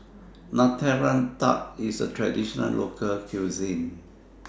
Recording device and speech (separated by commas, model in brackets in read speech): standing microphone (AKG C214), read sentence